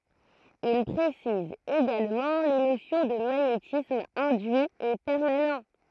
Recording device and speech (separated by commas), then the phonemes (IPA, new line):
throat microphone, read sentence
il pʁesiz eɡalmɑ̃ le nosjɔ̃ də maɲetism ɛ̃dyi e pɛʁmanɑ̃